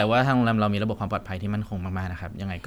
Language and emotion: Thai, neutral